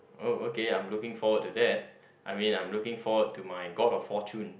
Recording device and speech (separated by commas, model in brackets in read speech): boundary microphone, conversation in the same room